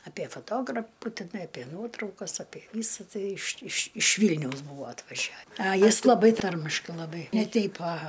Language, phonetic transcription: Lithuanian, aˈpie faˈtograpu tiˈnai aˈpie ˈnuotraukas aˈpie ˈvysa ˈtai iš iš iš ˈvylniaus ˈbūvo atvaˈžia a ˈjis laˈbai ˈtarmiškai laˈbai ne ˈteip aˈha

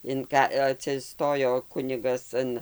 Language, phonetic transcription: Lithuanian, in ˈka atsiˈstojo ˈkunigas ˈan

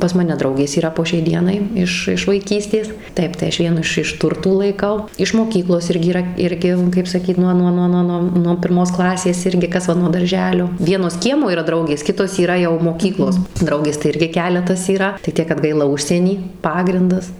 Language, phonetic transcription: Lithuanian, pas ˈmane ˈdraugės yˈra po šiai ˈdienai ˈiš iš vaiˈkystės ˈtaip tai ˈaš ˈvienu iš iš ˈturtų laiˈkau iš moˈkyklos ˈirgi yˈra ˈirgi kaip saˈkyt ˈnuo ˈnuo ˈnuo ˈnuo nuo pirˈmos ˈklasės ˈirgi ˈkas va nuo darˈ želio ˈvienos ˈkiemo yˈra ˈdraugės ˈkitos yˈra jau moˈkyklos ˈdraugės tai ˈirgi ˈkeletas yˈra tai ˈtiek kad ˈgaila ˈužsieny ˈpagrindas

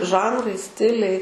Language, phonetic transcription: Lithuanian, ˈžanrai ˈstiliai

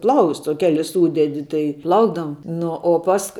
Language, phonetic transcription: Lithuanian, ˈplausts o ˈkelis ˈsūdedi tai ˈplaukdavom ˈnu o ˈpask

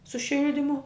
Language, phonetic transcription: Lithuanian, su ˈšildimu

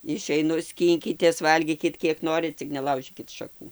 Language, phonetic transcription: Lithuanian, išeiˈnu ˈskynkitės ˈvalgykit ˈkiek ˈnorit ˈcik neˈlaužykit šaˈkų

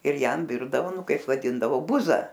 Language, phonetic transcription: Lithuanian, ir ˈjam ˈvirdavo ˈnu ˈkaip vaˈdindavo ˈbuza

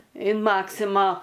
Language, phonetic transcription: Lithuanian, in ˈmaksima

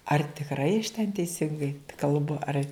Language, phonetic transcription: Lithuanian, ar tikˈrai aš ten teiˈsingai kalˈbu ar

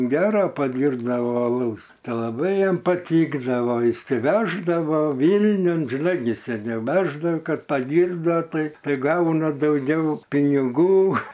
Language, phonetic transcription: Lithuanian, ˈgera paˈdyrbdavo aˈlaus ta laˈbai jiem paˈtykdavo išsiˈveždavo ˈvylniun žiˈnai gi seˈniau ˈveždao ˈkad paˈgyrdo ˈtai ˈtai ˈgauna dauˈgiau piniˈgų

